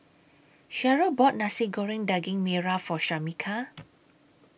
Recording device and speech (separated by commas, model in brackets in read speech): boundary microphone (BM630), read sentence